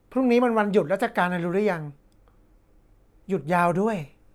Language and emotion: Thai, frustrated